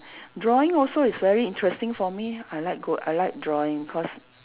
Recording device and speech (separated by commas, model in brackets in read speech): telephone, conversation in separate rooms